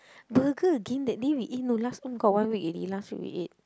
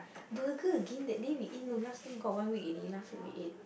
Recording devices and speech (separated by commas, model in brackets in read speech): close-talking microphone, boundary microphone, conversation in the same room